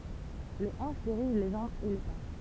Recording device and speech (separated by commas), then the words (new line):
temple vibration pickup, read sentence
Les hanches dirigent les jambes et les pas.